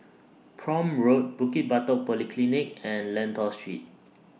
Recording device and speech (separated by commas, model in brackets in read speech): mobile phone (iPhone 6), read sentence